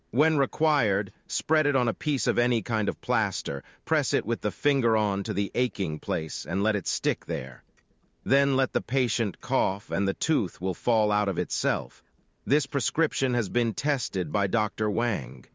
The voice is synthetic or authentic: synthetic